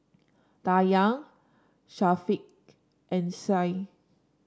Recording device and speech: standing microphone (AKG C214), read sentence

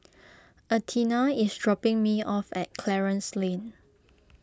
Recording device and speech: close-talking microphone (WH20), read sentence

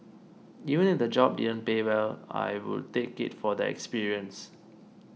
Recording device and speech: mobile phone (iPhone 6), read sentence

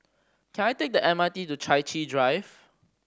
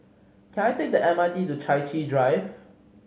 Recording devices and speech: standing microphone (AKG C214), mobile phone (Samsung C5010), read sentence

